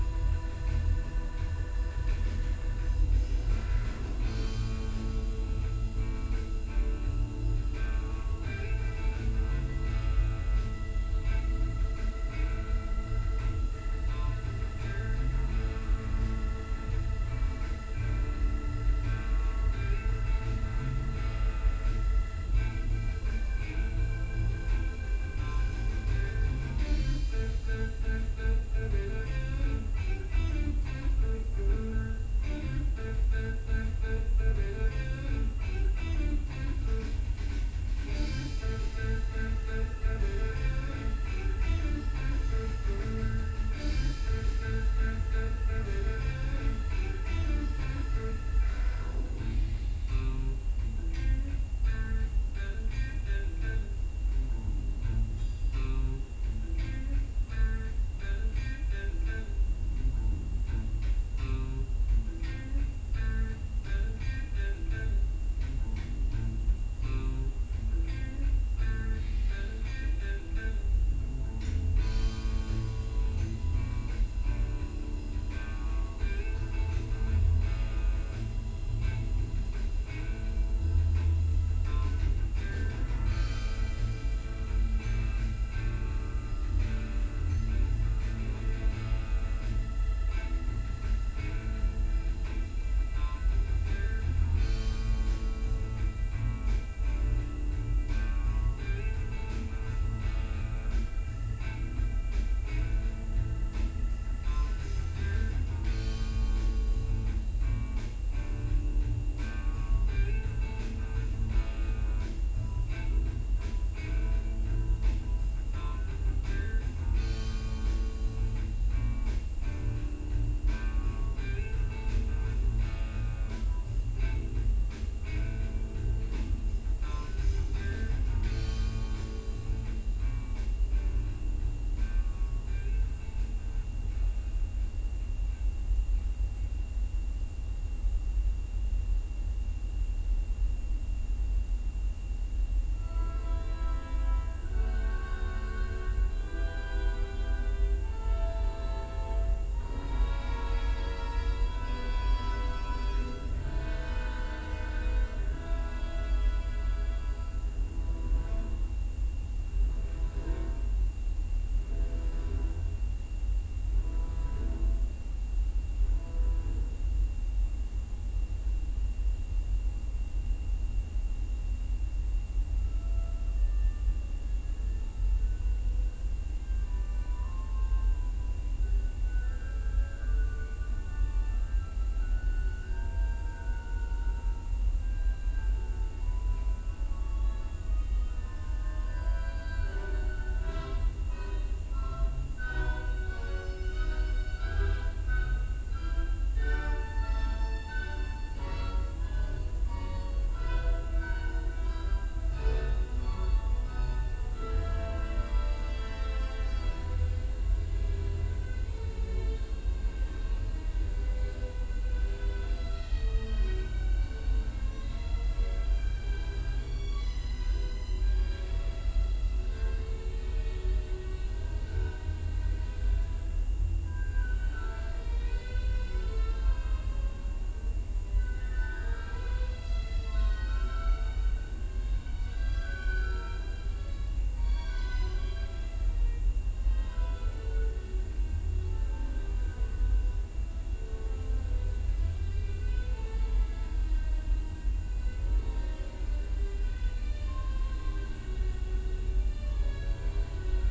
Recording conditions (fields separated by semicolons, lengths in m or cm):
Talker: no one; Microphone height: 1.7 m; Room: large; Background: music